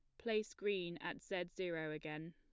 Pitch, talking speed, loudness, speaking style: 175 Hz, 170 wpm, -43 LUFS, plain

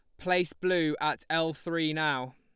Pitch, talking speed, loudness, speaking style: 155 Hz, 165 wpm, -29 LUFS, Lombard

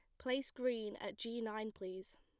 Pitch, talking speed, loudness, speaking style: 220 Hz, 180 wpm, -43 LUFS, plain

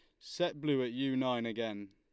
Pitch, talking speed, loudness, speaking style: 125 Hz, 210 wpm, -35 LUFS, Lombard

